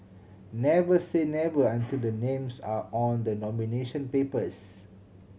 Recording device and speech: mobile phone (Samsung C7100), read sentence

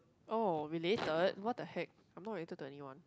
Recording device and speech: close-talking microphone, conversation in the same room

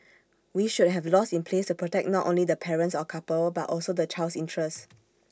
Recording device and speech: standing microphone (AKG C214), read sentence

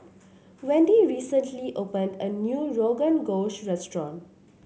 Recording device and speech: mobile phone (Samsung C7), read sentence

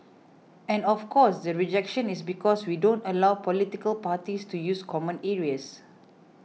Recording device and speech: mobile phone (iPhone 6), read sentence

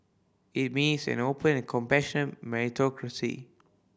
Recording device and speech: boundary microphone (BM630), read sentence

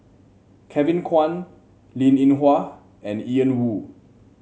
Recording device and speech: mobile phone (Samsung C7), read sentence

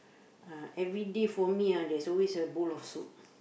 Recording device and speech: boundary microphone, conversation in the same room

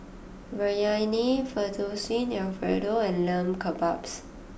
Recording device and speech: boundary microphone (BM630), read sentence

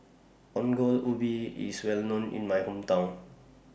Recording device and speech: boundary microphone (BM630), read sentence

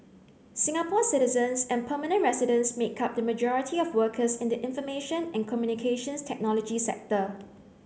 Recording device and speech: mobile phone (Samsung C9), read sentence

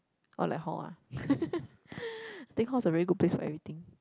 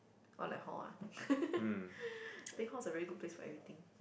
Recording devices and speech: close-talking microphone, boundary microphone, conversation in the same room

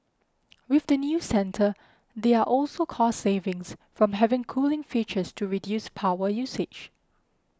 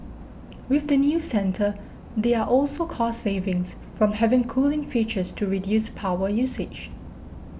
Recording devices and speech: close-talking microphone (WH20), boundary microphone (BM630), read sentence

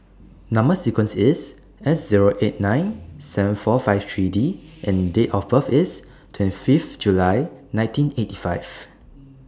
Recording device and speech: standing microphone (AKG C214), read sentence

